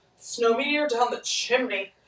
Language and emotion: English, disgusted